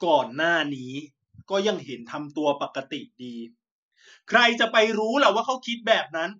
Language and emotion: Thai, angry